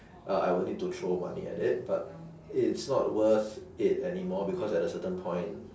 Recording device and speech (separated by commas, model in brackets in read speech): standing microphone, conversation in separate rooms